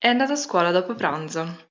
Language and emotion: Italian, neutral